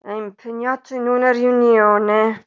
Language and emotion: Italian, angry